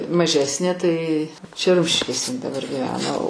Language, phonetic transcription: Lithuanian, maˈžesnė tai čia ˈrumšiškėse in daˈbar giˈvena o

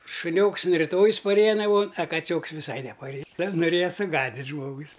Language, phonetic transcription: Lithuanian, šuˈnioks an riˈtojis paˈrėja naˈmon a kaˈcioks viˈsai nepaˈrėja nuˈrėja suˈgadid' ˈžmogus

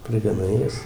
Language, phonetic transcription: Lithuanian, prigaˈnai ˈjas

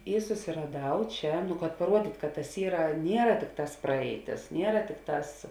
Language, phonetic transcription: Lithuanian, ˈy susiraˈdau ˈčia kad paˈruodyt' kad tas ˈyra ˈniera ˈtikˌtās ˈpraeiˌtis ˈniera ˈtikˌtās

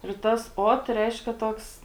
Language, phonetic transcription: Lithuanian, ir ˈtas ˈot ˈreiškia ˈtoks

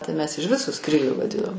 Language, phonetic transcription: Lithuanian, tai mes iž ˈvisu ˈskryliu vaˈdinom

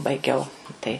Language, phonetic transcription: Lithuanian, baiˈgiau tai

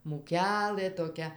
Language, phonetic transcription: Lithuanian, mūˈkelɘ toˈkia

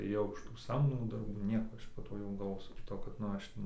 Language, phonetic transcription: Lithuanian, ėˈjau iš tų ˈsamdomų darˈbų ˈnieko ˈaš po ˈto jau galˈvosiu kiˈto kad nu ˈaš

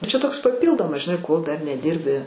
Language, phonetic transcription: Lithuanian, čia ˈtoks paˈpyldomas žiˈnai kol ˈdar neˈdyrbi

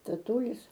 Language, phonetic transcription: Lithuanian, taˈtūlis

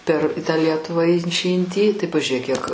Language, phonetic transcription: Lithuanian, per tą ˈlietuvą in či in tį tai pažiuˈrėk kiek

